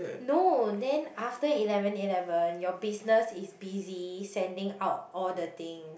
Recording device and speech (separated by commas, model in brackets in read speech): boundary microphone, conversation in the same room